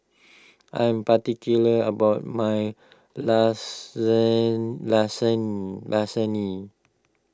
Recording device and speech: close-talking microphone (WH20), read sentence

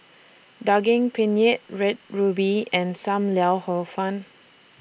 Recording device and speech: boundary microphone (BM630), read sentence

